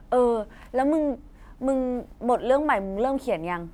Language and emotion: Thai, neutral